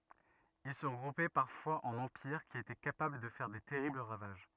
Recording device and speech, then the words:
rigid in-ear microphone, read sentence
Ils se regroupaient parfois en empires qui étaient capables de faire des terribles ravages.

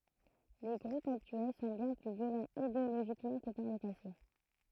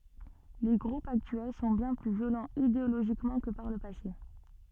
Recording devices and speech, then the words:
throat microphone, soft in-ear microphone, read sentence
Les groupes actuels sont bien plus violents idéologiquement que par le passé.

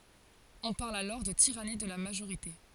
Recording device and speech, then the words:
forehead accelerometer, read sentence
On parle alors de tyrannie de la majorité.

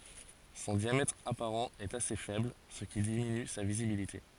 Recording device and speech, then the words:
forehead accelerometer, read sentence
Son diamètre apparent est assez faible, ce qui diminue sa visibilité.

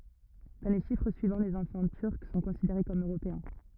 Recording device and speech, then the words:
rigid in-ear microphone, read sentence
Dans les chiffres suivants, les enfants turcs sont considérés comme européens.

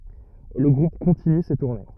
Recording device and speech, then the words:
rigid in-ear microphone, read sentence
Le groupe continue ses tournées.

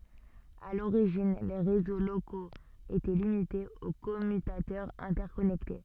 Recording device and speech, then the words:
soft in-ear microphone, read sentence
À l'origine, les réseaux locaux étaient limités aux commutateurs interconnectés.

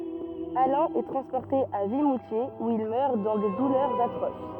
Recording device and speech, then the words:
rigid in-ear microphone, read sentence
Alain est transporté à Vimoutiers où il meurt dans des douleurs atroces.

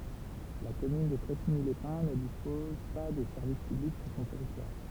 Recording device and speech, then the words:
temple vibration pickup, read sentence
La commune de Pressigny-les-Pins ne dispose pas de services publics sur son territoire.

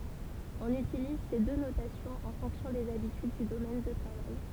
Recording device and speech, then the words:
temple vibration pickup, read sentence
On utilise ces deux notations en fonction des habitudes du domaine de travail.

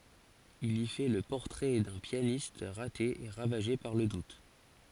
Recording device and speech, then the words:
forehead accelerometer, read sentence
Il y fait le portrait d'un pianiste raté et ravagé par le doute.

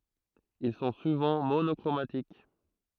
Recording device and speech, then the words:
throat microphone, read sentence
Ils sont souvent monochromatiques.

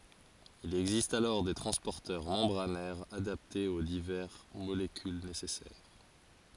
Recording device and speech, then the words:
forehead accelerometer, read sentence
Il existe alors des transporteurs membranaires adaptés aux divers molécules nécessaires.

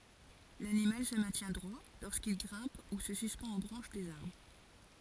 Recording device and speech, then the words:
forehead accelerometer, read sentence
L’animal se maintient droit lorsqu’il grimpe ou se suspend aux branches des arbres.

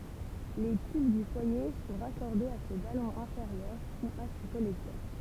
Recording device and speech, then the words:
temple vibration pickup, read sentence
Les tubes du foyer sont raccordés à ce ballon inférieur ou à ces collecteurs.

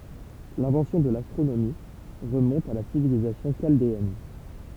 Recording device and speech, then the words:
temple vibration pickup, read sentence
L'invention de l'astronomie remonte à la civilisation chaldéenne.

